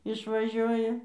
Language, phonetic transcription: Lithuanian, išvaˈžiuoja

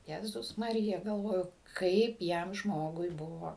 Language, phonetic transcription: Lithuanian, jeˈzus maˈrija galˈvoju ˈkaip ˈjam ˈžmogui ˈbuvo

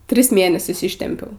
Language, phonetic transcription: Lithuanian, ˈtris ˈmėnesius ˈištempiau

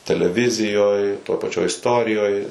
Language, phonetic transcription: Lithuanian, teleˈvizijoj toj paˈčioj isˈtorijoj

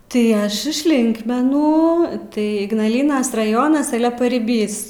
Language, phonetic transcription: Lithuanian, tai ˈaš iš ˈlinkmenų tai ignalˈynas raˈjonas ˈale pariˈbys

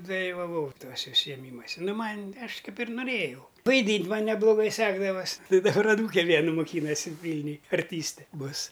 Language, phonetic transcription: Lithuanian, dalivaˈvau ˈtuose užsijeˈmymuose ˈnu ˈman' ˈaš ˈkaip ir nuˈrėjau vaiˈdynt' ˈman nebluˈgai ˈsekdavas' tai daˈbar aˈnūke ˈvienu moˈkynasi ˈvylniuj arˈtyste ˈbus

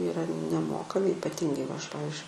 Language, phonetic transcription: Lithuanian, yˈra neˈmokami ipaˈtyngai va ˈaš ˈpavizdžiui

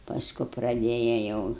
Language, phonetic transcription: Lithuanian, pasˈku praˈdėja jau

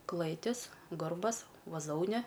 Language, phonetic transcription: Lithuanian, ˈklɘtis ˈgarbas vaˈzoune

